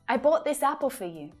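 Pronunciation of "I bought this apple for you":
'For' is unstressed, and its vowel reduces to a schwa, so it sounds like 'fuh' before 'you'.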